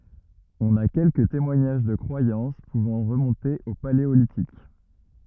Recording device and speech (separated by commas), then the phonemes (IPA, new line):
rigid in-ear microphone, read sentence
ɔ̃n a kɛlkə temwaɲaʒ də kʁwajɑ̃s puvɑ̃ ʁəmɔ̃te o paleolitik